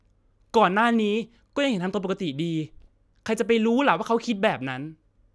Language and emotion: Thai, frustrated